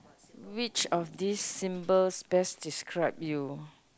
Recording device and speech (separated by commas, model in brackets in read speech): close-talking microphone, conversation in the same room